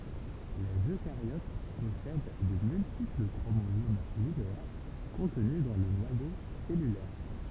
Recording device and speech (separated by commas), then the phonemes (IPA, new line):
temple vibration pickup, read sentence
lez økaʁjot pɔsɛd də myltipl kʁomozom lineɛʁ kɔ̃tny dɑ̃ lə nwajo sɛlylɛʁ